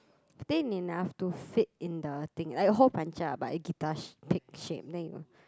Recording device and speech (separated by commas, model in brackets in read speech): close-talking microphone, conversation in the same room